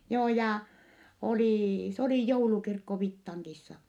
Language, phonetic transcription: Finnish, joo jà , olì , s ‿olì joulukirkko Vittaŋkissa .
- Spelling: joo ja oli se oli joulukirkko Vittangissa

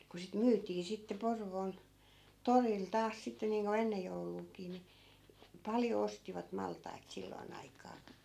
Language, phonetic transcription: Finnish, ku sit "myyt̆tii sitte 'Porvoon , 'toril 'taas sitte niiŋko "ennej 'jouluukii ni , 'paljo 'ostivat 'malt̀ait 'silloi̮n ‿aikaa .
- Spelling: kun sitä myytiin sitten Porvoon torilla taas sitten niin kuin ennen jouluakin niin paljon ostivat maltaita silloin aikaa

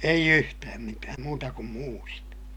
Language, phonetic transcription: Finnish, eij ‿yhtääm mitääm muuta kum muurit .
- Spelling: ei yhtään mitään muuta kuin muurit

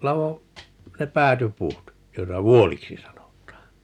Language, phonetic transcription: Finnish, 'lavo , ne 'pääty"puut , 'joita "vuoliksi 'sanot̀aan (ni) .
- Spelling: ladoin ne päätypuut joita vuoliksi sanotaan -

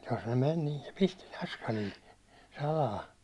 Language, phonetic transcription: Finnish, jos ne men niin se 'pisti "naskalil , 'salaa .
- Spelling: jos ne meni niin se pisti naskalilla salaa

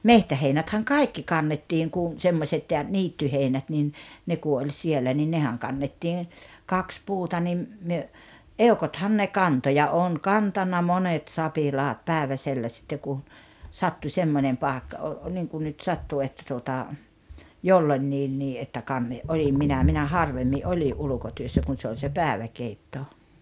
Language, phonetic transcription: Finnish, mehtäheinäthäŋ "kai̬kki 'kannettiŋ kun̬ , 'semmośet ja , 'niittyheinät nin , ne ku oĺ 'siellä ni 'nehäŋ kannettiin̬ , 'kaks 'puuta nim , 'myö , "eokothan ne "kanto ja 'oon "kantanna "monet "sapilaat 'pä̀eväsellä sitte kun , 'sattu 'semmońem pàekka o- , 'niiŋkun nyt 'sattu että tuota , "jollońńiinnii ’että 'kanne- , '’olim 'minä minä "harvemmi "’oli’ "’ulᵘkotyössä kun̬ 'se ol se "pääᵉväkeitto .
- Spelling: metsäheinäthän kaikki kannettiin kun semmoiset ja niittyheinät niin ne kun oli siellä niin nehän kannettiin kaksi puuta niin me eukothan ne kantoi ja olen kantanut monet sapilaat päiväsellä sitten kun sattui semmoinen paikka - niin kuin nyt sattui että tuota jolloinkin että - olin minä minä harvemmin olin ulkotyössä kun se oli se päiväkeitto

